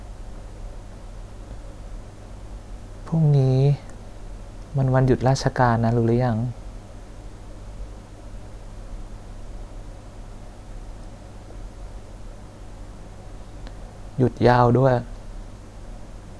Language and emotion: Thai, sad